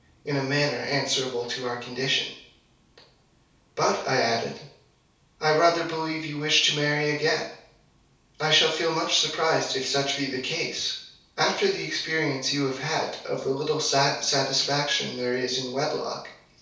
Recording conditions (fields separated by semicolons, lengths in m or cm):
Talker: one person; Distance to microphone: 3.0 m; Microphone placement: far; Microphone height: 1.8 m; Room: small (3.7 m by 2.7 m); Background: none